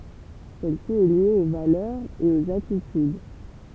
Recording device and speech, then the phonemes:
temple vibration pickup, read sentence
sɛl si ɛ lje o valœʁz e oz atityd

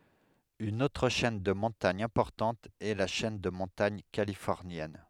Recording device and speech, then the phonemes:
headset microphone, read sentence
yn otʁ ʃɛn də mɔ̃taɲ ɛ̃pɔʁtɑ̃t ɛ la ʃɛn də mɔ̃taɲ kalifɔʁnjɛn

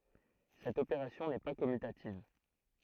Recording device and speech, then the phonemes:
throat microphone, read sentence
sɛt opeʁasjɔ̃ nɛ pa kɔmytativ

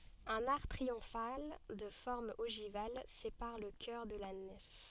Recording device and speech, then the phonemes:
soft in-ear microphone, read sentence
œ̃n aʁk tʁiɔ̃fal də fɔʁm oʒival sepaʁ lə kœʁ də la nɛf

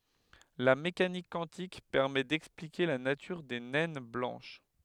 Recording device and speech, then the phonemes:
headset microphone, read sentence
la mekanik kwɑ̃tik pɛʁmɛ dɛksplike la natyʁ de nɛn blɑ̃ʃ

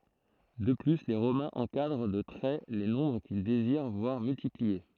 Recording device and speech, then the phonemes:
throat microphone, read sentence
də ply le ʁomɛ̃z ɑ̃kadʁ də tʁɛ le nɔ̃bʁ kil deziʁ vwaʁ myltiplie

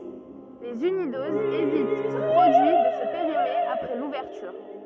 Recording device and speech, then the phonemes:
rigid in-ear microphone, read sentence
lez ynidozz evitt o pʁodyi də sə peʁime apʁɛ luvɛʁtyʁ

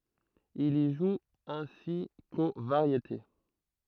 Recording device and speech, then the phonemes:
throat microphone, read sentence
il i ʒu ɛ̃si ko vaʁjete

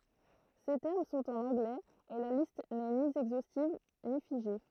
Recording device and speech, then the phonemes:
throat microphone, read sentence
se tɛʁm sɔ̃t ɑ̃n ɑ̃ɡlɛz e la list nɛ ni ɛɡzostiv ni fiʒe

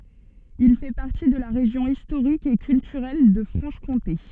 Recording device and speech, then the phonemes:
soft in-ear microphone, read sentence
il fɛ paʁti də la ʁeʒjɔ̃ istoʁik e kyltyʁɛl də fʁɑ̃ʃ kɔ̃te

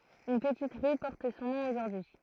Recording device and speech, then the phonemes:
throat microphone, read sentence
yn pətit ʁy pɔʁt sɔ̃ nɔ̃ oʒuʁdyi

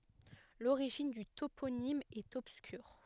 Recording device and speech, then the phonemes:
headset microphone, read sentence
loʁiʒin dy toponim ɛt ɔbskyʁ

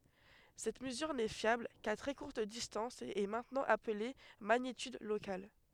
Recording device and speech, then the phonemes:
headset microphone, read sentence
sɛt məzyʁ nɛ fjabl ka tʁɛ kuʁt distɑ̃s e ɛ mɛ̃tnɑ̃ aple maɲityd lokal

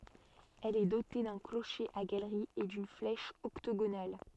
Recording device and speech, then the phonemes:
soft in-ear microphone, read sentence
ɛl ɛ dote dœ̃ kloʃe a ɡalʁi e dyn flɛʃ ɔktoɡonal

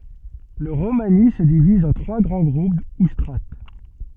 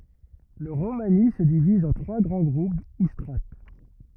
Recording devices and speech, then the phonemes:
soft in-ear microphone, rigid in-ear microphone, read sentence
lə ʁomani sə diviz ɑ̃ tʁwa ɡʁɑ̃ ɡʁup u stʁat

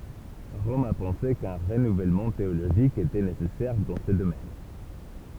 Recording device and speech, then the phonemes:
temple vibration pickup, read sentence
ʁɔm a pɑ̃se kœ̃ ʁənuvɛlmɑ̃ teoloʒik etɛ nesɛsɛʁ dɑ̃ sə domɛn

